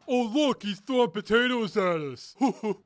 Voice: mocking voice